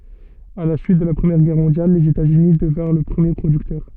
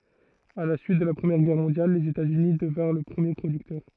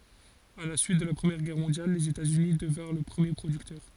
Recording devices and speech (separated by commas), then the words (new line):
soft in-ear microphone, throat microphone, forehead accelerometer, read sentence
À la suite de la Première Guerre mondiale, les États-Unis devinrent le premier producteur.